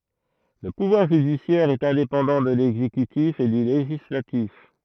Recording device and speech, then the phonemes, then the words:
throat microphone, read sentence
lə puvwaʁ ʒydisjɛʁ ɛt ɛ̃depɑ̃dɑ̃ də lɛɡzekytif e dy leʒislatif
Le pouvoir judiciaire est indépendant de l’exécutif et du législatif.

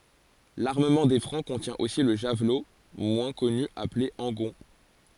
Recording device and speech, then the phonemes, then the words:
forehead accelerometer, read sentence
laʁməmɑ̃ de fʁɑ̃ kɔ̃tjɛ̃ osi lə ʒavlo mwɛ̃ kɔny aple ɑ̃ɡɔ̃
L'armement des Francs contient aussi le javelot moins connu appelé angon.

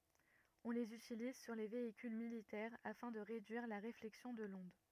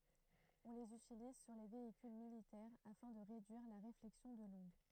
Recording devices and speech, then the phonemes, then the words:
rigid in-ear microphone, throat microphone, read sentence
ɔ̃ lez ytiliz syʁ le veikyl militɛʁ afɛ̃ də ʁedyiʁ la ʁeflɛksjɔ̃ də lɔ̃d
On les utilise sur les véhicules militaires afin de réduire la réflexion de l’onde.

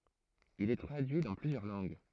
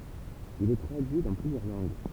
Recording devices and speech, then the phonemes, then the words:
throat microphone, temple vibration pickup, read sentence
il ɛ tʁadyi dɑ̃ plyzjœʁ lɑ̃ɡ
Il est traduit dans plusieurs langues.

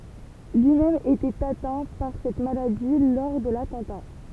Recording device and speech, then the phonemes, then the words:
temple vibration pickup, read sentence
lyi mɛm etɛt atɛ̃ paʁ sɛt maladi lɔʁ də latɑ̃ta
Lui-même était atteint par cette maladie lors de l'attentat.

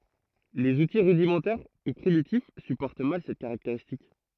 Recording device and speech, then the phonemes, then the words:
throat microphone, read sentence
lez uti ʁydimɑ̃tɛʁ u pʁimitif sypɔʁt mal sɛt kaʁakteʁistik
Les outils rudimentaires ou primitifs supportent mal cette caractéristique.

